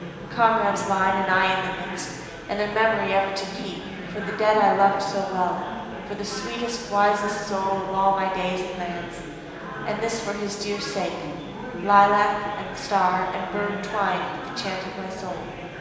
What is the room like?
A large and very echoey room.